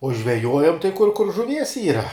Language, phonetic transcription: Lithuanian, u žveˈjuojam tai kur kur žuˈvies ˈyra

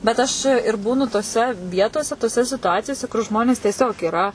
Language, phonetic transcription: Lithuanian, bet ˈaš ir ˈbūnu toˈse ˈvietose toˈse situˈacijose kur ˈžmonės tieˈsiog yˈra

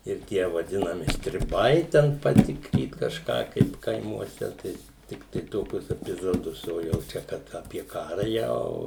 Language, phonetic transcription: Lithuanian, ir ˈtie vaˈdinami striˈbai ten paˈtikryt kažˈką kaip kaimuoˈse ˈtai ˈtiktai ˈtokius epiˈzodus o jau ˈčia kad ˈapie ˈkara ˈjau

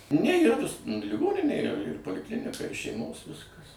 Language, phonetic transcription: Lithuanian, ne yˈra nus liˈgoninė ir ir poliˈklinika ir šeiˈmos ˈviskas

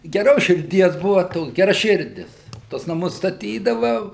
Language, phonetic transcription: Lithuanian, geˈros širˈdies ˈbuva ˈtoks geraˈširdis ˈtuos naˈmus staˈtydava

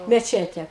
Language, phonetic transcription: Lithuanian, meˈčete

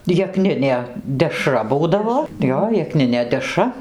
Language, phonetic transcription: Lithuanian, jeˈkninė deˈšra ˈbūdavo ˈjo jekˈninė deˈšra

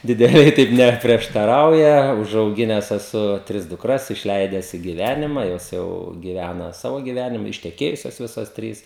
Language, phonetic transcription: Lithuanian, dideˈliai ˈtaip ˌneprieštaˈrauja užauˈgines eˈsu ˈtris dukˈras išˈleides i giˈvænima ˈjos jau giˈvæna ˈsavo giˈvænima išteˈkėjusios ˈvisos ˈtrys

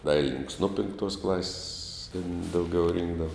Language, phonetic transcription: Lithuanian, ˈdailinininks ˈnuo pinkˈtuos klas's' tin dauˈgiau ˈrinkdava

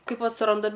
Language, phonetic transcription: Lithuanian, ˈkaip atsˈranda

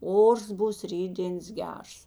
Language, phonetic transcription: Lithuanian, ˈors ˈbūs ˈrytdėns ˈgers

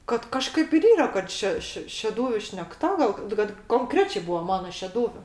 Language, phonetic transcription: Lithuanian, kad kaˈžkaip ir ˈyra kad ˈše ˈši šeˈdūviu šnekˈta gal kad konˈkrečė ˈbūva ˈmana šeˈdūviu

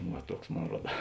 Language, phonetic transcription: Lithuanian, va ˈtuoks ˈmon ˈruoda

